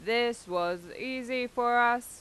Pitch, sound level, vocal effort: 240 Hz, 94 dB SPL, loud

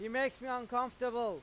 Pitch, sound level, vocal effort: 250 Hz, 101 dB SPL, very loud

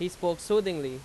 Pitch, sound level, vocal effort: 175 Hz, 91 dB SPL, very loud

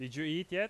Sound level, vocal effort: 93 dB SPL, very loud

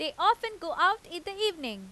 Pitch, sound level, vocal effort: 360 Hz, 95 dB SPL, very loud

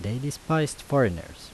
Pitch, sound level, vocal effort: 115 Hz, 81 dB SPL, normal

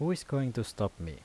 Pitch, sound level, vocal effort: 115 Hz, 81 dB SPL, normal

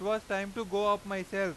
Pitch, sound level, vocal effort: 200 Hz, 98 dB SPL, loud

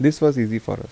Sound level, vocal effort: 82 dB SPL, soft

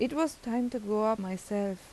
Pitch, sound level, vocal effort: 220 Hz, 84 dB SPL, normal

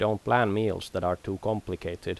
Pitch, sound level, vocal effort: 100 Hz, 83 dB SPL, normal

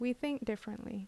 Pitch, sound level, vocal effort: 235 Hz, 75 dB SPL, normal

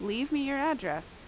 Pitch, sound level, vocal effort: 275 Hz, 85 dB SPL, loud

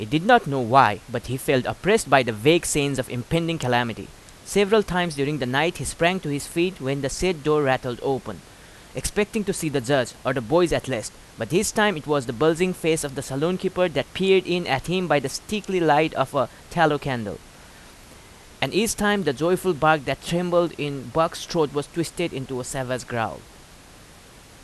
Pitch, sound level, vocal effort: 145 Hz, 89 dB SPL, very loud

